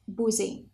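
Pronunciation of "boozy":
This is a common mistaken pronunciation of the word 'busy', so 'busy' is pronounced incorrectly here.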